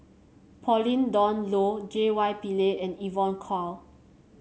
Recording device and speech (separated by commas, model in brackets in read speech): mobile phone (Samsung C7), read sentence